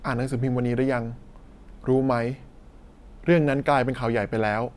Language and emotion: Thai, neutral